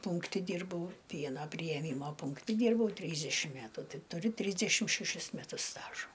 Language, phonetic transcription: Lithuanian, ˈpūnkti ˈdyrbau ˈpiena prijeˈmyma pūnkˈti ˈdyrbau ˈtrysdešim ˈmetu ˈtai tuˈri ˈtrysdešim šeˈšis meˈtus ˈstažo

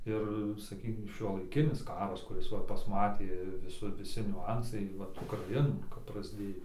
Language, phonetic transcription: Lithuanian, ˈir saˈkykim šiuolaiˈkinis ˈkaras kuˈris ˈva pasˈmatė viˈsur viˈsi niuˈansai ˈvat ukraˈinų kap prasˈdėjo

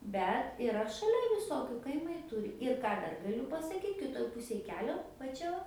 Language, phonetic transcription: Lithuanian, ˈbet iˈra šaˈlia viˈsokiu kaiˈmai ˈturi ir ˈką ˈdar gaˈliu pasaˈkyt kiˈtoj ˈpusėj ˈkelio va ˈčia va

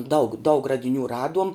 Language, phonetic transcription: Lithuanian, daug daug radiˈnių ˈraduom

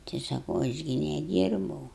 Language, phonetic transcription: Lithuanian, tai saˈkau aš ˈgi neˈdyrbau

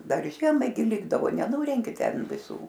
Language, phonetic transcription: Lithuanian, ˈdar ˈžiemai gi ˈlikdavo neˈnurenki ˈten viˈsų

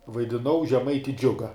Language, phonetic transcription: Lithuanian, vaidiˈnau žeˈmaiti ˈdžiuga

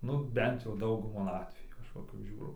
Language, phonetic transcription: Lithuanian, nu ˈbent jau ˈdauguma ˈatvejų ˈaš va kap ˈžiūrau

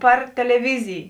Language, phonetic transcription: Lithuanian, ˈpar teleˈvizij

